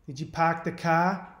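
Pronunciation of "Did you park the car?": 'Did you park the car?' is said in a New England accent: the R's in 'park' and 'car' are not pronounced.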